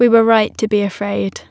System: none